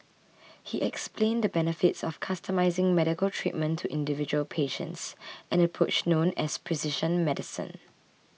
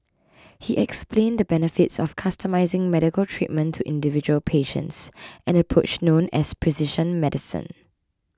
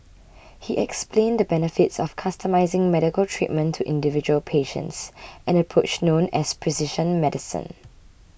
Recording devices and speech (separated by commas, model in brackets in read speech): mobile phone (iPhone 6), close-talking microphone (WH20), boundary microphone (BM630), read sentence